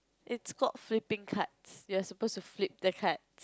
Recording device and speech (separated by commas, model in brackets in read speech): close-talking microphone, conversation in the same room